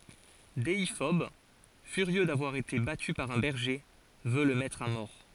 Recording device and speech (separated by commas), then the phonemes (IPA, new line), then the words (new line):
forehead accelerometer, read sentence
deifɔb fyʁjø davwaʁ ete baty paʁ œ̃ bɛʁʒe vø lə mɛtʁ a mɔʁ
Déiphobe, furieux d'avoir été battu par un berger, veut le mettre à mort.